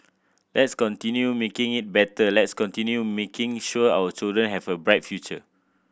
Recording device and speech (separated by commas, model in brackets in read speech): boundary microphone (BM630), read sentence